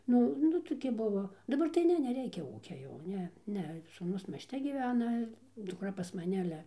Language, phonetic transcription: Lithuanian, ˈnu ˈnu toˈki ˈbuvo daˈbar tai ˈne neˈreikia ˈūkia jau ˈne ˈne sūˈnus miesˈte gyˈvena dukˈra pas maˈne aˈle

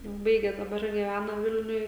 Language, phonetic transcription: Lithuanian, ˈbaigė daˈbar gyˈvæna ˈvilniuj

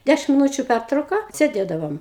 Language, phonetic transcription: Lithuanian, ˈdæšim miˈnūčiu ˈpærtrauka sėˈdėdavom

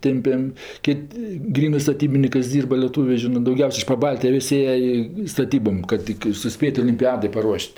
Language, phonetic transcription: Lithuanian, ˈtempem ˈkit' ˈgrynɜ staˈtybinikɜs ˈdyrba lieˈtūvė ˈžinɜ dauˈgiaus' iš paˈbaltijo ˈvis' ˈėje i staˈtybom kad ˈtik ir suˈspėt' olimˈpiadɜ paˈruoš't'

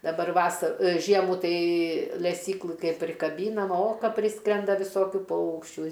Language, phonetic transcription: Lithuanian, daˈbar ˈvasa ˈžiemų ˈtai leˈsyklɨ ˈkaip prikaˈbynam o ˈka ˈpriskrenda viˈsokiu ˈpaukščių

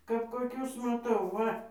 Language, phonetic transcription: Lithuanian, kap koˈkius maˈtau ˈva

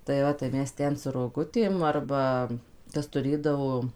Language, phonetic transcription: Lithuanian, tai ˈva tai ˈmes ˈten su roˈgutėm ˈarba ˈkas tuˈrėdavo

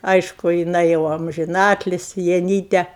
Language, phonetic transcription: Lithuanian, ˈaišku jiˈnai jau amžiˈnatlisi jaˈnyte

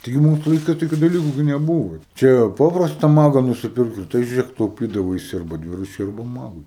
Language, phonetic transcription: Lithuanian, ˈtaigi ˈmūsu laiˈkais ˈtokiu daˈliku gi neˈbūvo ˈčia ˈpaprasta ˈmaga nusiˈpirkus ˈtai žiuˈrėk tauˈpydavaisi arˈba ˈdviračiui arˈba ˈmagui

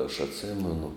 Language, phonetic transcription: Lithuanian, aš atˈsėmenu

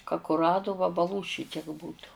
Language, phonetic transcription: Lithuanian, ka kuˈrado vabaˈlų ˈšitiek ˈbūtu

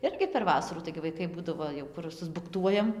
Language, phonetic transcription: Lithuanian, ˈirgi per ˈvasarų taigi vaiˈkai ˈbūdavo jau ˈkur susbukˈtuojam

